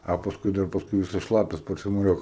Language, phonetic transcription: Lithuanian, a paˈskui dar paˈskui ˈvisas ˈšlapias parsimoˈjuok

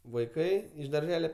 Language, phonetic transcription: Lithuanian, vaiˈkai iš darˈžele

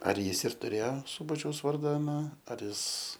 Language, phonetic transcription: Lithuanian, ar ˈjis ir tuˈrėjo ˈsūbačiaus ˈvarda aˈna ar ˈjis

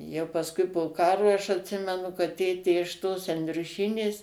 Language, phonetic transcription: Lithuanian, ˈjau pasˈkui po ˈkarui aš atˈsimenu kad ˈtėtė iš tos endriuˈšynės

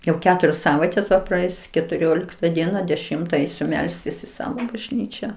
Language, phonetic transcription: Lithuanian, jau ˈketurios ˈsavaitės ˈva praˈeis ketuˈriolikta ˈdiena deˈšimta ˈeisiu ˈmelstis i ˈsavo bažˈnyčią

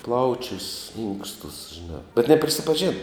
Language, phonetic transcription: Lithuanian, ˈplaučius ˈinkstus žiˈnā bet neprisipaˈžėna

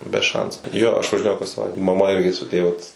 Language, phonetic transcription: Lithuanian, be ˈšansu ˈjo aš važiˈnėjau kas saˈvaite maˈma ˈirgi su ˈtė vat

